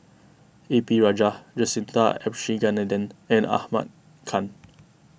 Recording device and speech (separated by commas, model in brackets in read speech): boundary microphone (BM630), read sentence